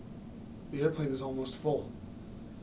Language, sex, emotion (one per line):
English
male
neutral